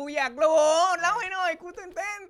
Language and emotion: Thai, happy